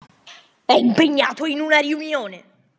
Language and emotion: Italian, angry